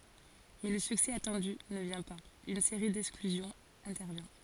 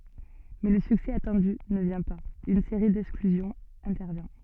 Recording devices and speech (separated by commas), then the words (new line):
forehead accelerometer, soft in-ear microphone, read sentence
Mais le succès attendu ne vient pas, une série d'exclusions intervient.